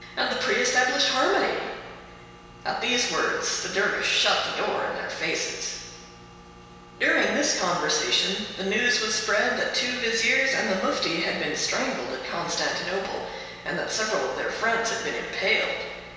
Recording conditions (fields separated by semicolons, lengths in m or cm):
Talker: one person; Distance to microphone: 1.7 m; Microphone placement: close; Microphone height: 1.0 m; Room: very reverberant, large; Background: none